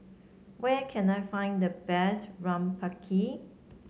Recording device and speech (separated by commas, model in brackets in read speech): mobile phone (Samsung C7), read sentence